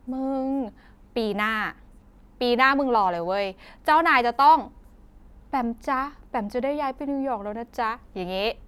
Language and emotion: Thai, happy